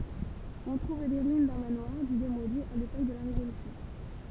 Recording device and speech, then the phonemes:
temple vibration pickup, read sentence
ɔ̃ tʁuv le ʁyin dœ̃ manwaʁ dy demoli a lepok də la ʁevolysjɔ̃

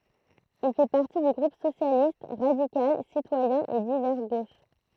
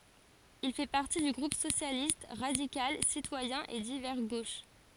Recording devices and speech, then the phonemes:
throat microphone, forehead accelerometer, read sentence
il fɛ paʁti dy ɡʁup sosjalist ʁadikal sitwajɛ̃ e divɛʁ ɡoʃ

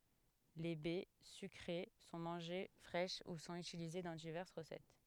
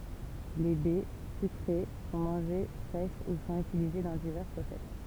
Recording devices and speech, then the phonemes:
headset microphone, temple vibration pickup, read sentence
le bɛ sykʁe sɔ̃ mɑ̃ʒe fʁɛʃ u sɔ̃t ytilize dɑ̃ divɛʁs ʁəsɛt

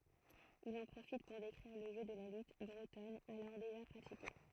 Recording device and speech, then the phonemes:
throat microphone, read sentence
il ɑ̃ pʁofit puʁ dekʁiʁ lə ʒø də la lyt bʁətɔn alɔʁ deʒa pʁatike

